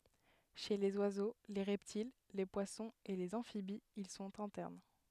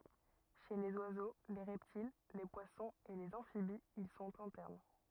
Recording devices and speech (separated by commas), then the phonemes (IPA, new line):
headset microphone, rigid in-ear microphone, read sentence
ʃe lez wazo le ʁɛptil le pwasɔ̃z e lez ɑ̃fibiz il sɔ̃t ɛ̃tɛʁn